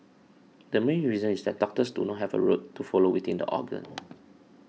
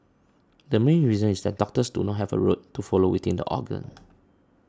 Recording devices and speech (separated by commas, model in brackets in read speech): mobile phone (iPhone 6), standing microphone (AKG C214), read sentence